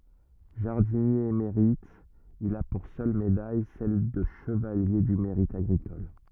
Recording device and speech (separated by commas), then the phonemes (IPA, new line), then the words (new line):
rigid in-ear microphone, read sentence
ʒaʁdinje emeʁit il a puʁ sœl medaj sɛl də ʃəvalje dy meʁit aɡʁikɔl
Jardinier émérite, il a pour seule médaille celle de chevalier du mérite agricole.